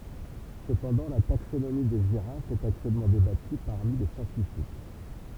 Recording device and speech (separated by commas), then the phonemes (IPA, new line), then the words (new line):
temple vibration pickup, read sentence
səpɑ̃dɑ̃ la taksonomi de ʒiʁafz ɛt aktyɛlmɑ̃ debaty paʁmi le sjɑ̃tifik
Cependant la taxonomie des girafes est actuellement débattue parmi les scientifiques.